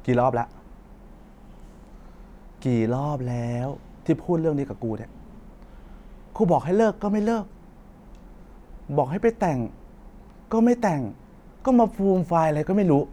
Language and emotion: Thai, frustrated